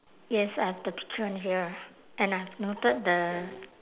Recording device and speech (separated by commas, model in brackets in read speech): telephone, conversation in separate rooms